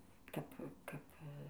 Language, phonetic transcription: Lithuanian, ˈkap ˈkap

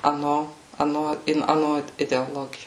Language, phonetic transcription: Lithuanian, aˈno aˈno in aˈno ideoˈlogijo

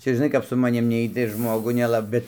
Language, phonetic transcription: Lithuanian, ˈčia žiˈnai kap su maˈnim ˈneit tai ir ˈžmogu neˈla ˈbet

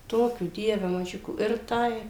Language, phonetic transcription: Lithuanian, ˈtokių ˈdieve maˈžiukų ir ˈtai

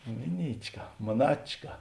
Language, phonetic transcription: Lithuanian, ˈmiˌnyčˌka moˈnačka

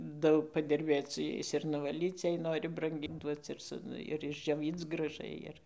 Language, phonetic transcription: Lithuanian, ˈdaug padirˈbėc su ˈjais ir nuvaˈlyc jei ˈnori branˈgyn ˈduoc ir ˈsu ˈnu ir išdžioˈvyc graˈžai ir

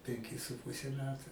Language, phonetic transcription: Lithuanian, penˈki su ˈpuse ˈmetu

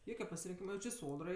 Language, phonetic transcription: Lithuanian, ˈjoke pasirinˈkyma ˈjau či ˈsodrai

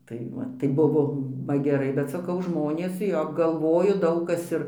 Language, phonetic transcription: Lithuanian, tai ˈva tai ˈbuvo va geˈrai bet saˈkau ˈžmonės ˈjo galˈvoju ˈdaug ˈkas ir

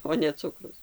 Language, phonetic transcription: Lithuanian, o ne ˈcukrus

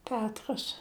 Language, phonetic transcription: Lithuanian, ˈpetras

